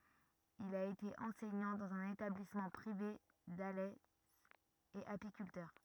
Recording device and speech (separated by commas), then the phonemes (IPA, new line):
rigid in-ear microphone, read sentence
il a ete ɑ̃sɛɲɑ̃ dɑ̃z œ̃n etablismɑ̃ pʁive dalɛ e apikyltœʁ